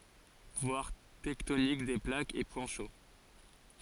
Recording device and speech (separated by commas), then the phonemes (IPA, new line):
forehead accelerometer, read sentence
vwaʁ tɛktonik de plakz e pwɛ̃ ʃo